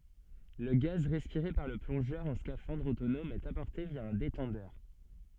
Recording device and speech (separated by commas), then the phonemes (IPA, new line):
soft in-ear microphone, read sentence
lə ɡaz ʁɛspiʁe paʁ lə plɔ̃ʒœʁ ɑ̃ skafɑ̃dʁ otonɔm ɛt apɔʁte vja œ̃ detɑ̃dœʁ